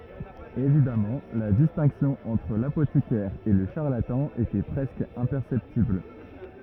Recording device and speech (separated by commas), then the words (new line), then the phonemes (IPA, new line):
rigid in-ear microphone, read sentence
Évidemment, la distinction entre l'apothicaire et le charlatan était presque imperceptible.
evidamɑ̃ la distɛ̃ksjɔ̃ ɑ̃tʁ lapotikɛʁ e lə ʃaʁlatɑ̃ etɛ pʁɛskə ɛ̃pɛʁsɛptibl